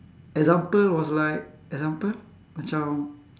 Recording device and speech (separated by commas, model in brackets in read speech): standing microphone, conversation in separate rooms